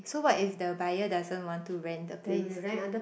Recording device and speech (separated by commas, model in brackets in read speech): boundary microphone, conversation in the same room